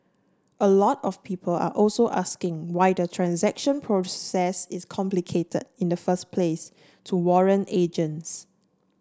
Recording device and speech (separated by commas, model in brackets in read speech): standing microphone (AKG C214), read sentence